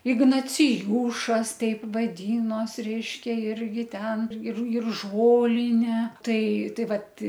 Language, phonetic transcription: Lithuanian, ignaciˈjūšas ˈteip vadynos ˈreiškia ˈirgi ˈten ir ir ˈžolinė ˈtai ˈtai ˈvat

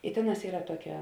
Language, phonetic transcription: Lithuanian, i ˈtėˌnās ˈyra ˈtuoˌkia

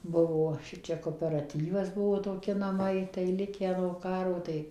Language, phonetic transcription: Lithuanian, ˈbuvo ˈšičia koperaˈtyvas ˈbuvo toˈki naˈmai tai ˈlikę no ˈkaro ˈtai

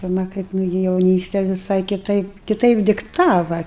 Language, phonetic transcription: Lithuanian, pirˈma ˈkaip ˈnugi jauˈnyste viˈsai kiˈtaip kiˈtaip dikˈtava

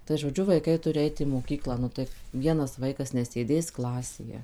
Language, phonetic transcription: Lithuanian, tai žoˈdžiu vaiˈkai ˈturi ˈait į moˈkyklą ˈnu tai ˈvienas ˈvaikas nesėˈdės ˈklasėje

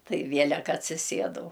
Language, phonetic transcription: Lithuanian, ˈtai ˈvielek atsiˈsiedau

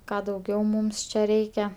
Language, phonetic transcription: Lithuanian, ˈką dauˈgiau ˈmūms čia ˈreikia

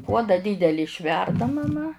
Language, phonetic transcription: Lithuanian, ˈpuoda ˈdydeli išˈverda maˈma

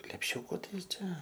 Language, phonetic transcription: Lithuanian, lepˈšiuku ˈtai ˈčia

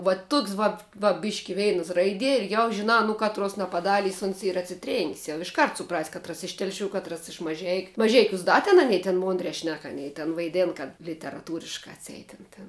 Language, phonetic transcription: Lithuanian, va ˈtuks ˈvat va ˈbiški ˈveinas ˈraidie ir jau žiˈnā nu ˈkatruos napaˈdalys uns ˈyra atsiˈtrėn'k's' jau išˈkart suˈpras' ˈkatras iš ˈtelˌšių ˈkatras iš maˈžeikiu maˈžeikiūs ˈda ten aˈnei ten ˈmondrē ˈšnek aˈnei ten vaiˈdėn kad literaˈtūriškā atˈseit ˈtin tin

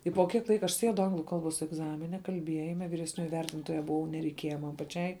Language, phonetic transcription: Lithuanian, i po kiek ˈlaika aš ˈsiedu ˈanglu ˈkalˌbos egˈzamine kalˈbiejime viresˈnioji ˈvertintoja buˈvau nereiˈkieja ˈman paˈčiai

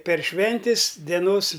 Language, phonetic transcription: Lithuanian, per ˈšventis deˈnos

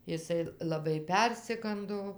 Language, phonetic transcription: Lithuanian, iˈsai laˈbai ˈpersigando

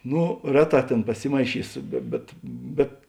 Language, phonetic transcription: Lithuanian, ˈno ˈreˌtā ˈtėn paˈsimaiˌšysu be ˈbet ˈbet

